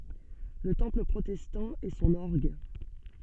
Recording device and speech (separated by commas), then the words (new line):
soft in-ear microphone, read sentence
Le Temple protestant et son orgue.